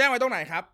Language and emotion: Thai, angry